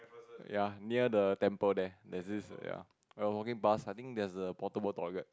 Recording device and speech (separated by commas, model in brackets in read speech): close-talking microphone, conversation in the same room